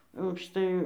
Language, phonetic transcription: Lithuanian, aukšˈtai

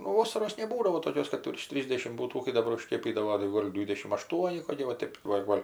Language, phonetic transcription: Lithuanian, nu ˈvosaros neˈbūdavo toˈkios kad virš ˈtrysdešim ˈbūtų kai daˈbar užˈkėpydavo tai ˈgol' ˈdvydešim aˈštuoni koˈki va ˈtėp va ˈgol'

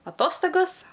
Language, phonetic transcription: Lithuanian, aˈtostagos

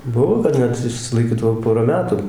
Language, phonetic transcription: Lithuanian, ˈbuvo kad ˈnet išsilaiˈkydavo ˈpora ˈmetu

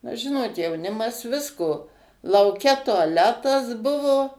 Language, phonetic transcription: Lithuanian, na ˈžinot jauˈnimas ˈvisko lauˈke tuaˈletas ˈbuvo

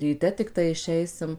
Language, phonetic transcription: Lithuanian, ryˈte tikˈtai išˈeisim

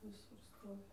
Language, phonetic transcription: Lithuanian, viˈsur ˈstovi

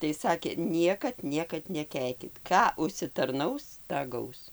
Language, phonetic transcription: Lithuanian, tai ˈsakė ˈniekad ˈniekad neˈkeikit ˈką užsitarˈnaus ˈtą ˈgaus

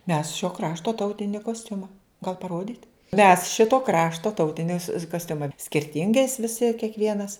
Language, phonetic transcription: Lithuanian, mes šio ˈkrašto ˈtautini kosˈtiuma gal paˈrodyt' mes ˈšito ˈkrašto ˈtautinis kosˈtiuma skirˈtingais viˈsi kiekˈvienas

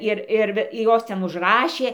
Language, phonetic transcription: Lithuanian, ˈir ˈir ˈir ˈjos ˈten užˈrašė

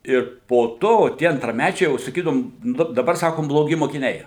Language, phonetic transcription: Lithuanian, ir po ˈto tie antraˈmæčiai jau saˈkydavum ˈnu daˈbar ˈsakom bloˈgi mokiˈniai

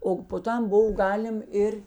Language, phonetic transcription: Lithuanian, o po ˈtam ˈbov ˈgalim ˈir

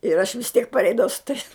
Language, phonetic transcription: Lithuanian, ir aš vis ˈtiek parˈeidavau su tais

